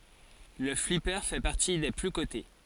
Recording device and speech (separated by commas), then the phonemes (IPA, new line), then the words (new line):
forehead accelerometer, read sentence
lə flipe fɛ paʁti de ply kote
Le flipper fait partie des plus cotés.